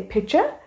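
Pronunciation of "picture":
'Picture' is pronounced incorrectly here.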